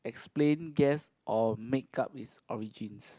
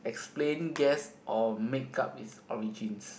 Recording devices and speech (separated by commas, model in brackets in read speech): close-talking microphone, boundary microphone, conversation in the same room